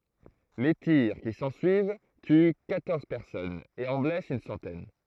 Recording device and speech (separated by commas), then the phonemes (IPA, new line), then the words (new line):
throat microphone, read sentence
le tiʁ ki sɑ̃syiv ty kwatɔʁz pɛʁsɔnz e ɑ̃ blɛst yn sɑ̃tɛn
Les tirs qui s'ensuivent tuent quatorze personnes et en blessent une centaine.